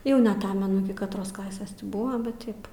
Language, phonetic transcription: Lithuanian, ˈjau neaˈtamenu ˈiki katˈros ˈklasės ˈti ˈbuva bet ˈtaip

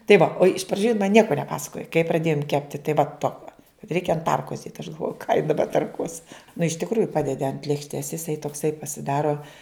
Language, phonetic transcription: Lithuanian, tai va o iš praˈdžių jin man ˈnieko neˈpasakojo kai praˈdėjum ˈkepti tai va ˈtoka ˈreikia an ˈtarkos dėt aš galˈvoju ką ji daˈba tarˈkuos nu iš tikˈrųju ˈpadedi ant lėkšˈtės jiˈsai tokˈsai pasiˈdaro

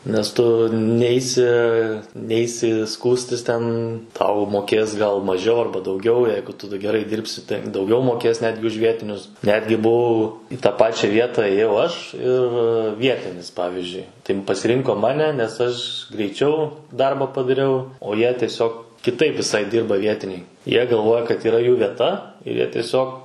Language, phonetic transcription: Lithuanian, nes ˈtu ˈneisi ˈneisi ˈskųstis ten ˈtau moˈkės gal maˈžiau ˈarba dauˈgiau ˈjeigu tu geˈrai ˈdyrbsi tai dauˈgiau moˈkės ˈnetgi už ˈvietinius ˈnetgi buˈvau į tą ˈpačia ˈvieta ėˈjau ˈaš ir ˈvietinis ˈpavizdžiui ˈtai pasiˈrinko ˈmane nes ˈaš greiˈčiau ˈdarba padaˈriau o ˈjie tieˈsiog kiˈtaip viˈsai ˈdyrba ˈvietiniai ˈjie galˈvoja kad yˈra jų vieˈta ir ˈjie tieˈsiog

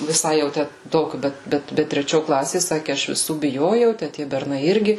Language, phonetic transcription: Lithuanian, viˈsai jau ˈtæ ˈtokiu ˈbet ˈbet ˈbet treˈčio ˈklasė ˈsaki ˈaš viˈsų biˈjojau tę ˈtie berˈnai ˈirgi

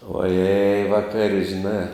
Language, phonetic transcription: Lithuanian, oˈjei vaˈkar' žiˈnā

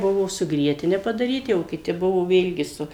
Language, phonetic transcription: Lithuanian, ˈbuvo su ˈgrietine padaˈryti o kiˈti ˈbuvo ˈvėlgi ˈsu

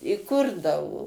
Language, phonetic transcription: Lithuanian, i ˈkurdavo

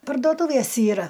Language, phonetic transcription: Lithuanian, pardoˈtūvės yˈra

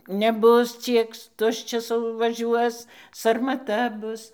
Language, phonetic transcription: Lithuanian, neˈbus ˈciek ˈtuščias vaˈžiuos sarmaˈta ˈbus

